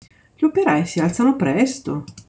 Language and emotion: Italian, surprised